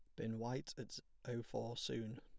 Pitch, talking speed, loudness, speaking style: 120 Hz, 180 wpm, -46 LUFS, plain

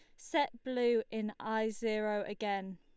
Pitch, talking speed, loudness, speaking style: 220 Hz, 140 wpm, -35 LUFS, Lombard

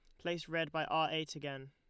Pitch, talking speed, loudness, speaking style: 155 Hz, 240 wpm, -37 LUFS, Lombard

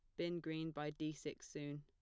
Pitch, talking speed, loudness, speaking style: 155 Hz, 220 wpm, -46 LUFS, plain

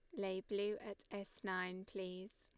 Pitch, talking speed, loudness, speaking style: 195 Hz, 165 wpm, -45 LUFS, Lombard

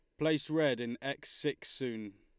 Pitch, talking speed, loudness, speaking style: 140 Hz, 180 wpm, -35 LUFS, Lombard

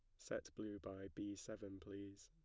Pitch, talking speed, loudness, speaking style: 100 Hz, 175 wpm, -51 LUFS, plain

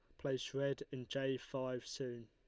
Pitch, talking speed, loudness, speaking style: 130 Hz, 175 wpm, -42 LUFS, Lombard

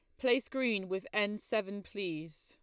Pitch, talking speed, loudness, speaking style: 205 Hz, 160 wpm, -35 LUFS, Lombard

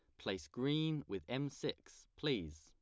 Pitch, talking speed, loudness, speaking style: 105 Hz, 150 wpm, -41 LUFS, plain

